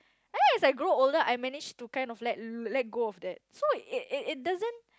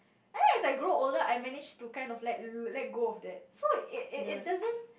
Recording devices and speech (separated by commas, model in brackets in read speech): close-talking microphone, boundary microphone, conversation in the same room